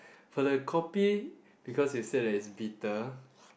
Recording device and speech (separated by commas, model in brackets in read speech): boundary microphone, conversation in the same room